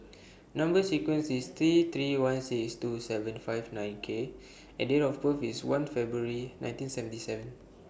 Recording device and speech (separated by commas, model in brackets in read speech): boundary microphone (BM630), read sentence